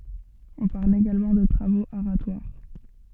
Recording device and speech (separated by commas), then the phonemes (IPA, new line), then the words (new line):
soft in-ear microphone, read sentence
ɔ̃ paʁl eɡalmɑ̃ də tʁavoz aʁatwaʁ
On parle également de travaux aratoires.